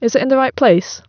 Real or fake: real